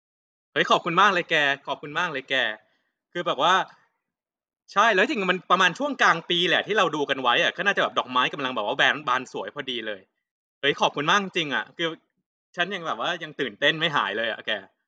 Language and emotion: Thai, happy